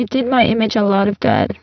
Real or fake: fake